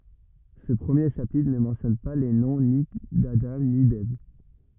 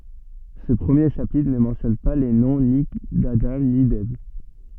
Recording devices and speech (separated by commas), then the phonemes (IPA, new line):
rigid in-ear microphone, soft in-ear microphone, read sentence
sə pʁəmje ʃapitʁ nə mɑ̃tjɔn pa le nɔ̃ ni dadɑ̃ ni dɛv